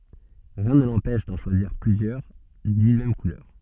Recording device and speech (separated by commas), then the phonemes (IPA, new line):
soft in-ear microphone, read sentence
ʁiɛ̃ nə lɑ̃pɛʃ dɑ̃ ʃwaziʁ plyzjœʁ dyn mɛm kulœʁ